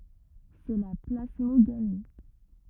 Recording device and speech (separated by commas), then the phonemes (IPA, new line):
rigid in-ear microphone, read sentence
sɛ la plasmoɡami